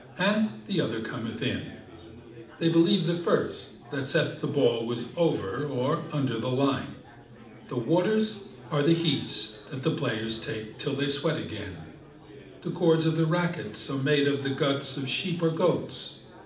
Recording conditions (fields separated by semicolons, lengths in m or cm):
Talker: one person; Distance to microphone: 2.0 m; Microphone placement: close; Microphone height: 99 cm; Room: medium-sized (5.7 m by 4.0 m); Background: babble